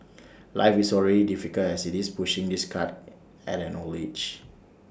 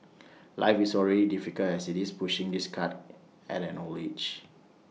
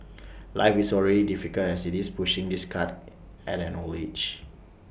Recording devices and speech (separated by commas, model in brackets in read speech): standing microphone (AKG C214), mobile phone (iPhone 6), boundary microphone (BM630), read sentence